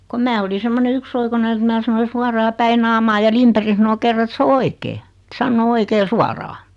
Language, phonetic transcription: Finnish, kom 'mää oli 'semmone "yksoikonen et 'mää sanoi 'suaraa 'päi naamaa ja 'Limperi sᵃno 'kerra et 's ‿o "oikee , [e]t 'sannoo 'oikee "suaraa .
- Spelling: kun minä olin semmoinen yksioikoinen että minä sanoin suoraan päin naamaa ja Lindberg sanoi kerran että se on oikein että sanoo oikein suoraan

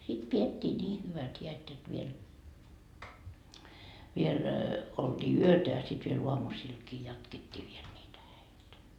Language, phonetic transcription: Finnish, sit 'piet́t́ii 'nii hyvät 'hiät jot viel , viel , olDii "yötä ja sit viel 'uamusiilkii 'jatkettii viel niitä 'häitä .
- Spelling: sitten pidettiin niin hyvät häät jotta vielä vielä oltiin yötä ja sitten vielä aamusillakin jatkettiin vielä niitä häitä

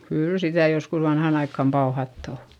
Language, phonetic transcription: Finnish, kyyl sitä joskus vanhàn ‿aikkam pauhatt ‿o .
- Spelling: kyllä sitä joskus vanhaan aikaan pauhattu on

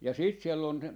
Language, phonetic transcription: Finnish, ja 'siit siel'l ‿on ,.
- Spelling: ja sitten siellä on

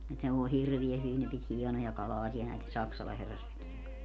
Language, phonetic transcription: Finnish, 'et ne voi 'hirviä 'hyvin ne pit 'hiɛnoja 'kalaasia näite "Saksala 'herrasväkieŋ kans .
- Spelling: et ne voi hirveän hyvin ne piti hienoja kalaaseja näiden Saksalan herrasväkien kanssa

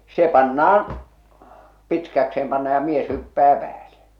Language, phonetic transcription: Finnish, 'se 'panna₍an , "pitkäkse₍em panna ja "mies hyppää päälᴇ .
- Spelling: se pannaan pitkäkseen pannaan ja mies hyppää päälle

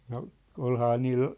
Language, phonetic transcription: Finnish, no , 'olhaa 'niil .
- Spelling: no olihan niillä

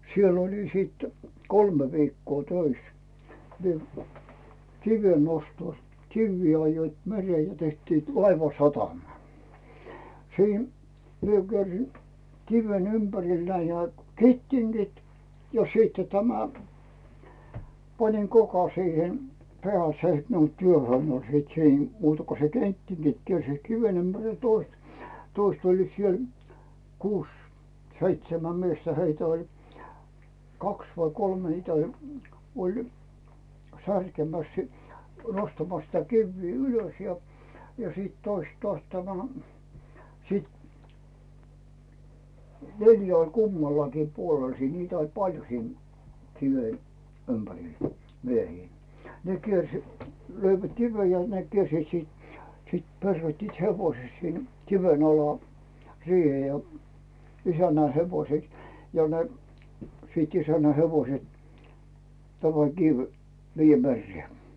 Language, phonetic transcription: Finnish, 'siell ‿oli sit "kolme vikkoo "tois , mie , 'kive nostos , "kivvi ajjoit 'meree ja tehtiit , "laiva'satama , siin , mie kiersin , "kiven 'ympäril näi nää "kettiŋGit ja 'siitte tämä , 'paniŋ "koka siihen , pᵉä̀l se , net , nuoi 'työhöin oĺ 'sit 'siin , 'muuta ko se "kettiŋGit 'kiersiit "kiven ympäril ja 'toist , 'toist oĺliit 'siel , "kuus , "seitsemäm 'miestä heitä oĺ , "kaks vai "kolme 'heitä oĺ , oĺ , 'särkemäs si- , 'nostamas sitä "kivvii 'ylös ja , siit 'toist 'tᵒàs 'tämä , siit , "neljä oĺ "kummallakii 'puolel siin niitä oĺ "paljo 'siin , 'kive , 'ympäril , 'miehii , ne 'kiers- , 'löivät "kivej ja ne kiersiit siit , siit 'perroittiit "hevoⁱse sin 'kiven ‿ala , siihe ja , 'isännä 'hevoset , ja ne , siit 'isännä 'hevoset , 'tämä "kiv , 'viijjä "merree .
- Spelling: siellä olin sitten kolme viikkoa töissä minä kiven nostossa kiviä ajoivat mereen ja tekivät laivasatamaa siinä minä kiersin kiven ympärille näin nämä kettingit ja sitten tämän panin kokan siihen päälle se että nuo työhön oli sitten siinä muuta kun se kettingit kiersivät kiven ympärille ja toista toista olivat siellä kuusi seitsemän miestä heitä oli kaksi vai kolme heitä oli oli särkemässä - nostamassa sitä kiviä ylös ja sitten toista taas tämä sitten neljä oli kummallakin puolella siinä niitä oli paljon siinä kiven ympärillä miehiä ne - löivät kiven ja ne kiersivät sitten sitten peruuttivat hevosen sinne kiven alle siihen ja isännän hevoset ja ne sitten isännän hevoset tämä kivi viedään mereen

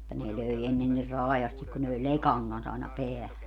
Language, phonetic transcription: Finnish, [mut]ta ne 'löi 'ennen nir "raajastik ku ne löe "lekaŋ kans aina 'peähä .
- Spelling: mutta ne löi ennen niin raa'asti kun ne löi lekan kanssa aina päähän

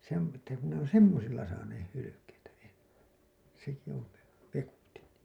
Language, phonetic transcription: Finnish, se ‿on , että ku ne ‿on "semmosilla saaneeh 'hylykeitä , 'enne , seki on̬ ve- , vekutin .
- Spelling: se on että kun ne on semmoisilla saaneet hylkeitä ennen sekin on - vekotin

